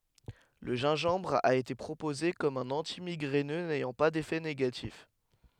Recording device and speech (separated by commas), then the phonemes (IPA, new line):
headset microphone, read sentence
lə ʒɛ̃ʒɑ̃bʁ a ete pʁopoze kɔm œ̃n ɑ̃timiɡʁɛnø nɛjɑ̃ pa defɛ neɡatif